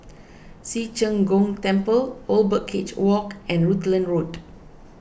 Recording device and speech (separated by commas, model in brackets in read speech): boundary microphone (BM630), read sentence